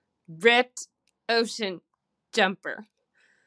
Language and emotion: English, disgusted